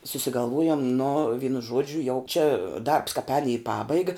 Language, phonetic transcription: Lithuanian, susigalˈvojum nu ˈvynu ˈžuodžiu jau čia darbs kāp ēn į ˈpabaiga

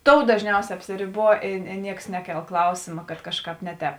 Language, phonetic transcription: Lithuanian, ˈtou dažˈniausē apsiriˈbuo i i ˈnieks ˈneˌkel ˈklausėma kad ˈkažˌkāp ˈne ˌtēp

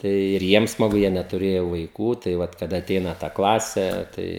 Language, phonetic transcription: Lithuanian, ˈtai ir ˈjiem smaˈgu ˈjie netuˈrėjo vaiˈkų tai ˈvat kaˈda aˈteina ta ˈklasė ˈtai

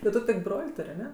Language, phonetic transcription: Lithuanian, ti ˈtu tik ˈbrol' ˈtur' aˈne

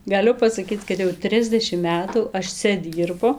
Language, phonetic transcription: Lithuanian, gaˈliu pasaˈkyc kad jau ˈtrisdešim ˈmetų ˈaš ˈcia ˈdyrbu

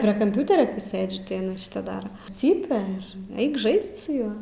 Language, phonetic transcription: Lithuanian, prie kamˈpiūteria ˈsɘdžiu tai aˈna šiˈta ˈdara ˈcypia ir ˈaik ˈžaist su ˈjuo

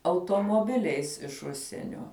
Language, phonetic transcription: Lithuanian, automoˈbiliais iš ˈužsienio

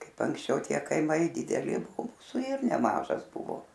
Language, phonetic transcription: Lithuanian, ˈkaip anksˈčiau ˈtie kaiˈmai dideˈli ˈmusu ir neˈmažas ˈbuvo

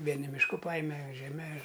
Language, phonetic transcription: Lithuanian, ˈvieni mišˈku ˈpajime žeˈme ir

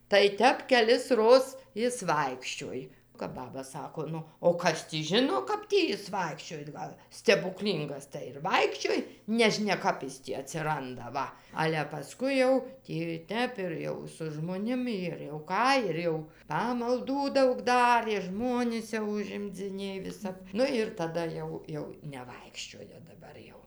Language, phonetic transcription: Lithuanian, tai ˈtep kelisˈroz ˈjis ˈvaikščioj kap ˈbaba ˈsako ˈnu o ˈkas tį ˈžino ˈkap tį ˈjis ˈvaikščioj ˈgal stebuˈklyngas tai ir ˈvaikščioj neˈžnia ˈkap is tį atsiˈranda ˈva ˈale paˈskui jau tį ˈtep ir jau su žmoˈnimi ir jau ˈką ir ˈjau ˌpamalˈdų ˈdaug ˈdarė ˈžmonis jau užimdziˈnėj viˈsap ˈnu ir taˈda jau ˈjau ˈnevaikščioja daˈbar jau

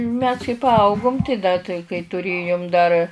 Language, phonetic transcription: Lithuanian, mes kai paˈaugum tai ˈda tai kai tuˈrėjum dar

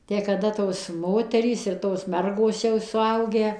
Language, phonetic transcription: Lithuanian, tę kaˈda ˈtos ˈmoterys ir tos ˈmergos jau suˈaugę

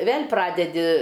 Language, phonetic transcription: Lithuanian, ˈvėl' ˈpradedi

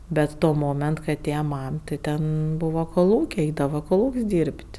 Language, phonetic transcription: Lithuanian, ˈbet ˈto ˈmoment kai aˈtėja ˈmam tai ˈten ˈbūvo koˈlūkiai ˈeidava koˈlūk's' dyr'b't'

